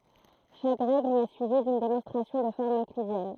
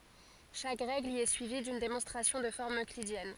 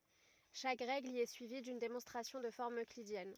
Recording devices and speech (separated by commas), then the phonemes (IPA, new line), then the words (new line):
throat microphone, forehead accelerometer, rigid in-ear microphone, read sentence
ʃak ʁɛɡl i ɛ syivi dyn demɔ̃stʁasjɔ̃ də fɔʁm øklidjɛn
Chaque règle y est suivie d'une démonstration de forme euclidienne.